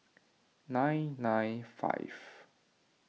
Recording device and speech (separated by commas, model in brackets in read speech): mobile phone (iPhone 6), read sentence